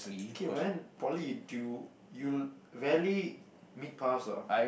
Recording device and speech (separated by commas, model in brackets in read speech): boundary microphone, conversation in the same room